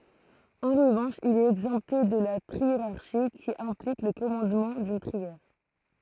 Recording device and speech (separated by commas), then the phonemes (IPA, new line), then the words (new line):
throat microphone, read sentence
ɑ̃ ʁəvɑ̃ʃ il ɛt ɛɡzɑ̃pte də la tʁieʁaʁʃi ki ɛ̃plik lə kɔmɑ̃dmɑ̃ dyn tʁiɛʁ
En revanche, il est exempté de la triérarchie, qui implique le commandement d'une trière.